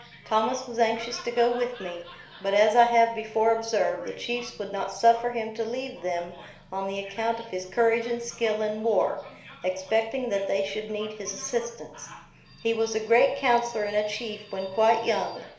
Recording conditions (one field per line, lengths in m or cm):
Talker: one person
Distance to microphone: 1.0 m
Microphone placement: close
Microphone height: 1.1 m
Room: small (3.7 m by 2.7 m)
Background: television